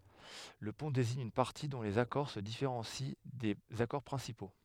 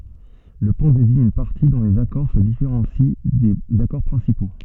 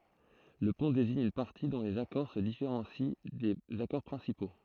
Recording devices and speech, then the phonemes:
headset microphone, soft in-ear microphone, throat microphone, read sentence
lə pɔ̃ deziɲ yn paʁti dɔ̃ lez akɔʁ sə difeʁɑ̃si dez akɔʁ pʁɛ̃sipo

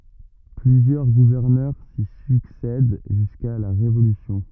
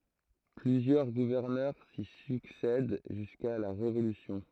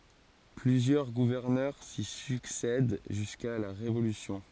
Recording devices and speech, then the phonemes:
rigid in-ear microphone, throat microphone, forehead accelerometer, read sentence
plyzjœʁ ɡuvɛʁnœʁ si syksɛd ʒyska la ʁevolysjɔ̃

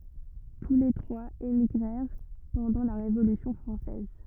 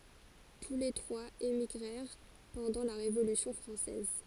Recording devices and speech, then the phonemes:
rigid in-ear microphone, forehead accelerometer, read sentence
tu le tʁwaz emiɡʁɛʁ pɑ̃dɑ̃ la ʁevolysjɔ̃ fʁɑ̃sɛz

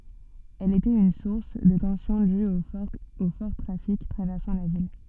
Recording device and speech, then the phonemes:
soft in-ear microphone, read sentence
ɛl etɛt yn suʁs də tɑ̃sjɔ̃ dyz o fɔʁ tʁafik tʁavɛʁsɑ̃ la vil

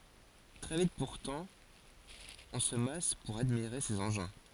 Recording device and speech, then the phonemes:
forehead accelerometer, read sentence
tʁɛ vit puʁtɑ̃ ɔ̃ sə mas puʁ admiʁe sez ɑ̃ʒɛ̃

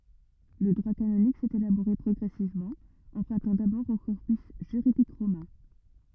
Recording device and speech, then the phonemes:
rigid in-ear microphone, read sentence
lə dʁwa kanonik sɛt elaboʁe pʁɔɡʁɛsivmɑ̃ ɑ̃pʁœ̃tɑ̃ dabɔʁ o kɔʁpys ʒyʁidik ʁomɛ̃

